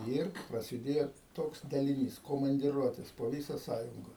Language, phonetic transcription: Lithuanian, ˈir prasiˈdėjo ˈtoks daliˈnys komandiˈruotės po ˈvysa ˈsąjunga

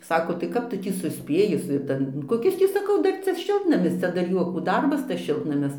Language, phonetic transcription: Lithuanian, ˈsako tai ˈkap ˈtu ˈtį suˈspėji su ˈtan koˈkis ˈtį saˈkau ˈdar ˈcia ˈšiltnamis ˈcia dar ˈjuokų ˈdarbas tas ˈšiltnamis ˈšiltnamis

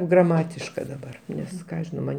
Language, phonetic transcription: Lithuanian, graˈmatiška daˈbar ˈnes ˈką aš žiˈnau ˈman'

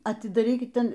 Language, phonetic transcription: Lithuanian, atidaˈrykit ˈten

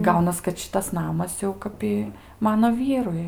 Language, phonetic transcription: Lithuanian, ˈgaunas kad ˈšitas ˈnamas jau ˈkap i ˈmano ˈvyrui

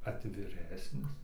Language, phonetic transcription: Lithuanian, atviˈresnis

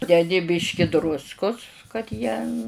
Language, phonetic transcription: Lithuanian, deˈdi ˈbyški ˈdruskus kad ˈjie

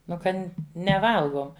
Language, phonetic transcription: Lithuanian, ˈnu ˈkan' neˈvalgom

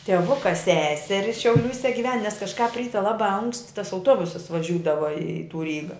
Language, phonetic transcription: Lithuanian, tieˈvuka ˈseseri šiauˈliūse giˈven nes kažˈkāp ˈryte laˈbā ankst' tas auˈtuobusas vaˈžiūdava i tų ˈryga

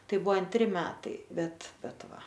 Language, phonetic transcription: Lithuanian, ˈtai ˈbuvo anˈtri ˈmetai ˈbet ˈbet ˈva

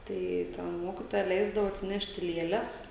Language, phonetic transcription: Lithuanian, ˈtai ten ˈmokitoja ˈleisdavo atsiˈnešti ˈlėles

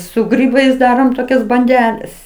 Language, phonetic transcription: Lithuanian, su ˈgrybais ˈdarom toˈkias banˈdeles

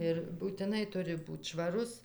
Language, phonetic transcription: Lithuanian, ir būtiˈnai ˈturi ˈbūt švaˈrus

